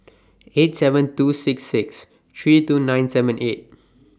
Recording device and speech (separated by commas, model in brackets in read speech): standing microphone (AKG C214), read sentence